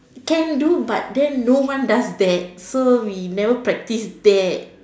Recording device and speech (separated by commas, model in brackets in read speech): standing microphone, conversation in separate rooms